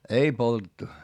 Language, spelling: Finnish, ei poltettu
- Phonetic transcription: ei poltettu .

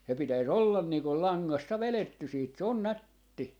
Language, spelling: Finnish, se pitäisi olla niin kuin langasta vedetty sitten se on nätti
- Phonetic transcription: se 'pitäi"s ‿ollan niikol "laŋŋasta "velettys 'siit 'se ‿on "nätti .

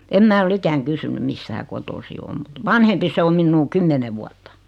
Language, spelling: Finnish, en minä ole ikänä kysynyt mistä hän kotoisin on mutta vanhempi se on minua kymmenen vuotta
- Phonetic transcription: 'em mää ol'l ‿ikäŋ 'kysynym "mis(t)ä hä 'kotosi om mut "vanhempi se o 'minnuu "kymmene vuat̀ᴀ .

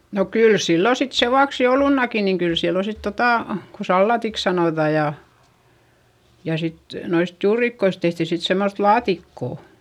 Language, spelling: Finnish, no kyllä silloin sitten sen vuoksi joulunakin niin kyllä silloin sitten tuota kun salaatiksi sanotaan ja ja sitten noista juurikoista tehtiin sitten semmoista laatikkoa
- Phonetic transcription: no kyl sillo sit sevuaks joulunnaki niŋ kyl sillo sit totà , ko sallatiks sanòta ja , ja sit , noist juurikkois tehti sit semmoϑ laatikkò .

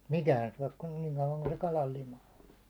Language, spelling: Finnish, sitä mikään syö kun niin kauan kuin se kalan lima on
- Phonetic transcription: sɪt "mikään syäₒk kun niiŋ kauvaŋ kun se 'kalal 'lima on .

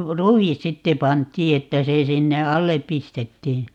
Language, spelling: Finnish, ruis sitten pantiin että se sinne alle pistettiin
- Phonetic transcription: "ru₍is 'sitte 'pant̀ii 'että se 'sinne "allep̆ 'pistettii .

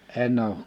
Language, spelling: Finnish, en ole
- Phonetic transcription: 'en ‿ouᵏ .

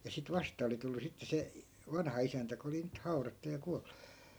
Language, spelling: Finnish, ja sitten vastaan oli tullut sitten se - vanhaisäntä kun oli nyt haudattu ja kuollut
- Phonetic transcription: ja sit 'vastaa oli tullu 'sitte se , (i-) , "vanha₍isäntä ko oli nyt 'haurattu ja 'kual(LU) .

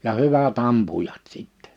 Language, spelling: Finnish, ja hyvät ampujat sitten
- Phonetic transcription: ja 'hyvä't ‿ampujat 'sìttɛ .

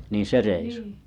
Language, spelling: Finnish, niin se reissu
- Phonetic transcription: niin 'se reisu ?

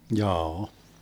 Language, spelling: Finnish, jaa
- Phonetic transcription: 'jaa₍a .

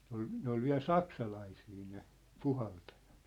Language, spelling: Finnish, ne oli ne oli vielä saksalaisia ne puhaltajat
- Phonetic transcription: 'ne ‿ol 'ne ‿ol viä̭l "saksalaisii ne , 'puhaltajᴀt .

